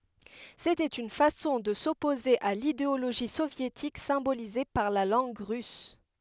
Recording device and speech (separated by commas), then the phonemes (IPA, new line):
headset microphone, read sentence
setɛt yn fasɔ̃ də sɔpoze a lideoloʒi sovjetik sɛ̃bolize paʁ la lɑ̃ɡ ʁys